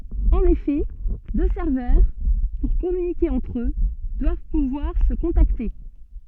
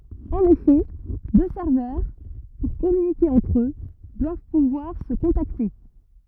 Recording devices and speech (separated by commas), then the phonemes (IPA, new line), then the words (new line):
soft in-ear microphone, rigid in-ear microphone, read sentence
ɑ̃n efɛ dø sɛʁvœʁ puʁ kɔmynike ɑ̃tʁ ø dwav puvwaʁ sə kɔ̃takte
En effet, deux serveurs, pour communiquer entre eux, doivent pouvoir se contacter.